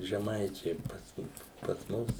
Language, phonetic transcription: Lithuanian, žeˈmaičiai pasˈ pas ˈmus

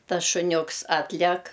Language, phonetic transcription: Lithuanian, ˈtas šuˈniuks ˈatlek

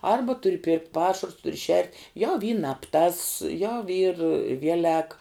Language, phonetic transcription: Lithuanian, ˈarba ˈturi pirkt' ˈpašarus ˈturi šert' ˈjau ˈy nab ˈtas ˈjau ˈyr ˈvielek

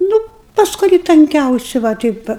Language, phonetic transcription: Lithuanian, ˈnu pas kuˈrį tanˈkiausi va ˈteip va

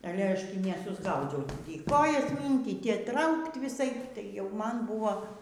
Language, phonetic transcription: Lithuanian, aˈle ˈaš ˈtį neˈsusgaudziau ˈtį ˈkojas ˈmynkyt ˈtį ˈtraukt viˈsaip tai jau ˈman buvo

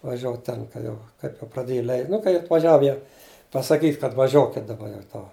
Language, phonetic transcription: Lithuanian, vaˈžiuot ˈten ka ˈjau ˈkai nu praˈdėj ˈlei nu kai atvaˈžiav jau pasaˈkyt' kad vaˈžiokit' daˈba jau ˈto

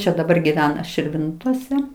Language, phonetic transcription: Lithuanian, ˈčia daˈbar gyˈvena širˈvintose

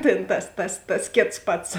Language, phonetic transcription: Lithuanian, tėn ˈtas ˈtas ˈtas ˈkėts ˈpats

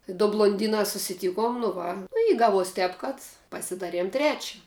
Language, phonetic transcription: Lithuanian, du blonˈdynā susiˈtykom nu ˈva nu i ˈgaˌvuos ˈtēp kad pasiˈdaˌriem ˈtrečia

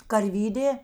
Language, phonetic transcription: Lithuanian, karˈvydė

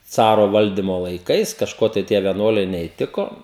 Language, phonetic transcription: Lithuanian, ˈcaro ˈvaldimo laiˈkais kažˈko tai ˈtie vieˈnuoliai neįˈtiko

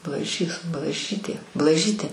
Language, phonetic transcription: Lithuanian, blaˈžys blaˈžytė blaˈžytė

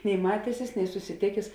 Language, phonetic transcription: Lithuanian, nei ˈmatesis nei susiˈtėkės

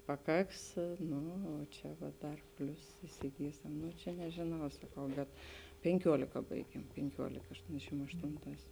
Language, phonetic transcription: Lithuanian, paˈkaks ˈnu o ˈčia va ˈdar ˈplius isiˈgysem ˈnu čia nežėˈnau saˈkau bet penˈkiuolika ˈbaigiem penˈkiuolika ašˈtondešim ašˈtonˌtās

